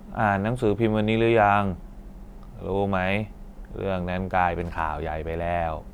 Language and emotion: Thai, frustrated